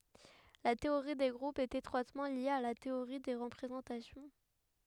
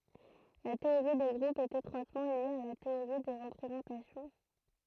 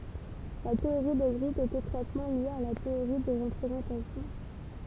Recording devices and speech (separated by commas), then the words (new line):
headset microphone, throat microphone, temple vibration pickup, read sentence
La théorie des groupes est étroitement liée à la théorie des représentations.